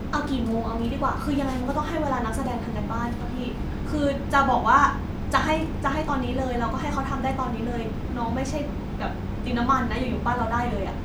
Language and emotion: Thai, frustrated